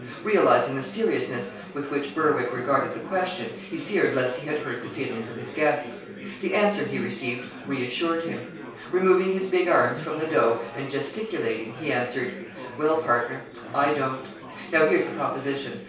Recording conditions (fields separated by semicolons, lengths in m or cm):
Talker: one person; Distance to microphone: 3.0 m; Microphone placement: far; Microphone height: 1.8 m; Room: small (3.7 m by 2.7 m); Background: babble